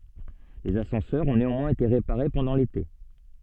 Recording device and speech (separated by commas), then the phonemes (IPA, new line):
soft in-ear microphone, read sentence
lez asɑ̃sœʁz ɔ̃ neɑ̃mwɛ̃z ete ʁepaʁe pɑ̃dɑ̃ lete